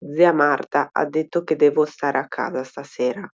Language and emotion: Italian, neutral